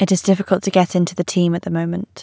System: none